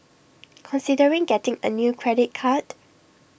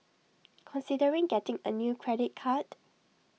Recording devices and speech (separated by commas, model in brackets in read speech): boundary microphone (BM630), mobile phone (iPhone 6), read sentence